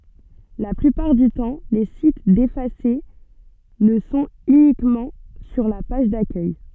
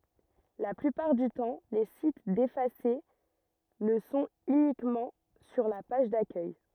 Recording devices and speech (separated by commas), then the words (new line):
soft in-ear microphone, rigid in-ear microphone, read sentence
La plupart du temps, les sites défacés le sont uniquement sur la page d'accueil.